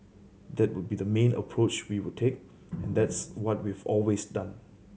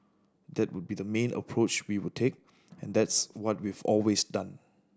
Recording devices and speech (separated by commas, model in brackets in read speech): mobile phone (Samsung C7100), standing microphone (AKG C214), read sentence